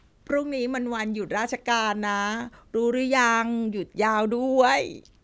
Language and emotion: Thai, neutral